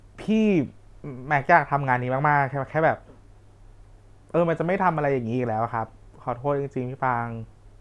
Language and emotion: Thai, sad